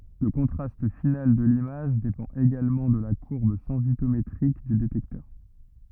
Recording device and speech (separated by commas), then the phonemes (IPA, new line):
rigid in-ear microphone, read sentence
lə kɔ̃tʁast final də limaʒ depɑ̃t eɡalmɑ̃ də la kuʁb sɑ̃sitometʁik dy detɛktœʁ